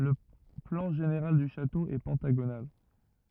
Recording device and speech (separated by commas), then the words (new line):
rigid in-ear microphone, read sentence
Le plan général du château est pentagonal.